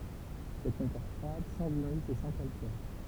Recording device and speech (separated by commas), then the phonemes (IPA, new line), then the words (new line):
temple vibration pickup, read sentence
sɛt yn tɛʁ fʁwad sɑ̃z ymys e sɑ̃ kalkɛʁ
C'est une terre froide, sans humus et sans calcaire.